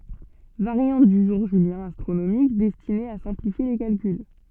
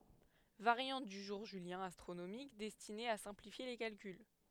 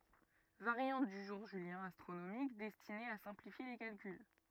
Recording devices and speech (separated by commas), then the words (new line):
soft in-ear microphone, headset microphone, rigid in-ear microphone, read sentence
Variante du jour julien astronomique destinée à simplifier les calculs.